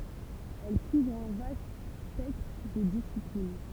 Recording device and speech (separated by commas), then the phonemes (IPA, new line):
temple vibration pickup, read sentence
ɛl kuvʁ œ̃ vast spɛktʁ də disiplin